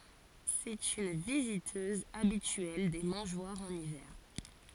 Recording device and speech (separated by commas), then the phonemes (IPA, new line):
forehead accelerometer, read sentence
sɛt yn vizitøz abityɛl de mɑ̃ʒwaʁz ɑ̃n ivɛʁ